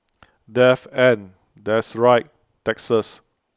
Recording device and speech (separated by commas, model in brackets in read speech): close-talking microphone (WH20), read sentence